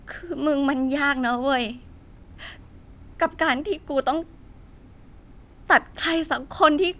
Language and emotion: Thai, sad